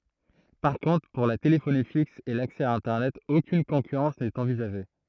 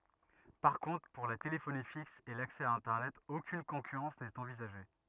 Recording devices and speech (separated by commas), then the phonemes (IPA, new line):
throat microphone, rigid in-ear microphone, read sentence
paʁ kɔ̃tʁ puʁ la telefoni fiks e laksɛ a ɛ̃tɛʁnɛt okyn kɔ̃kyʁɑ̃s nɛt ɑ̃vizaʒe